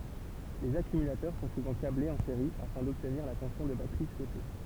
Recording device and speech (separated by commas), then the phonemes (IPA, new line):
temple vibration pickup, read sentence
lez akymylatœʁ sɔ̃ suvɑ̃ kablez ɑ̃ seʁi afɛ̃ dɔbtniʁ la tɑ̃sjɔ̃ də batʁi suɛte